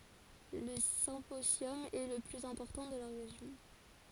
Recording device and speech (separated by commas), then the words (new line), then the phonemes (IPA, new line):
forehead accelerometer, read sentence
Le symposium est le plus important de la région.
lə sɛ̃pozjɔm ɛ lə plyz ɛ̃pɔʁtɑ̃ də la ʁeʒjɔ̃